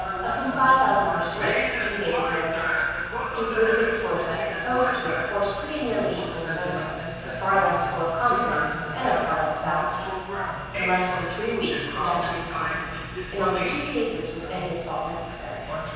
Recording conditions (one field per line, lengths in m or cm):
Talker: one person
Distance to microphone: 7.1 m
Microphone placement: far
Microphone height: 1.7 m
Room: very reverberant, large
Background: television